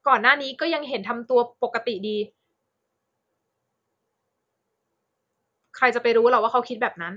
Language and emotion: Thai, frustrated